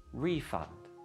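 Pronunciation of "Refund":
'Refund' is said as the noun, with the stress at the beginning of the word.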